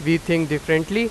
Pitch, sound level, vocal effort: 165 Hz, 94 dB SPL, very loud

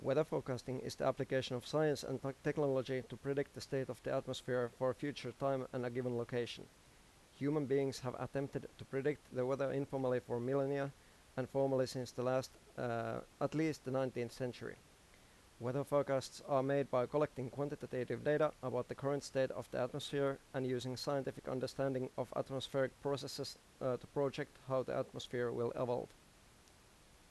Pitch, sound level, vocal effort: 130 Hz, 86 dB SPL, normal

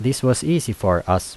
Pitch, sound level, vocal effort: 115 Hz, 82 dB SPL, normal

